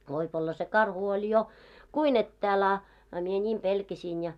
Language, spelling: Finnish, voi olla se karhu oli jo kuinka etäällä a a minä niin pelkäsin ja
- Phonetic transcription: voip ‿olla se "karhu oĺ 'jo , "kui'n ‿ettääl ‿a , a mie 'ńiim pelkäsiin ja .

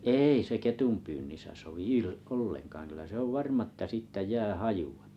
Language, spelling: Finnish, ei se ketunpyynnissä sovi - ollenkaan kyllä se on varma että siitä jää hajua
- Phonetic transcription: 'ei se 'ketumpyynnisä sovi "il- , "olleŋkaaŋ kyl̀ä 'se ‿ov "varma ‿ttä "sìttä 'jää "hajᴜ₍ᴀ .

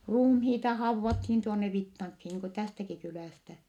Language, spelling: Finnish, ruumiita haudattiin tuonne Vittankiin niin kuin tästäkin kylästä
- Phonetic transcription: ruumhiita hauvvathiin tuonne Vittaŋkhi niiŋ ku tästäki kylä̀stä .

